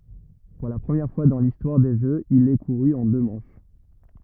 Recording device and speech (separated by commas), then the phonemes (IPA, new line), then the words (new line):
rigid in-ear microphone, read sentence
puʁ la pʁəmjɛʁ fwa dɑ̃ listwaʁ de ʒøz il ɛ kuʁy ɑ̃ dø mɑ̃ʃ
Pour la première fois dans l'histoire des Jeux, il est couru en deux manches.